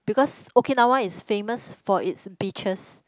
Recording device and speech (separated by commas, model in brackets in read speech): close-talking microphone, conversation in the same room